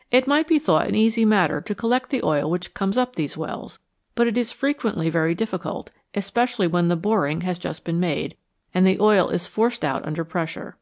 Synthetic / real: real